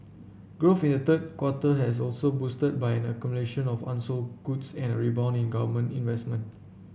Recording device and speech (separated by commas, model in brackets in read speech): boundary microphone (BM630), read sentence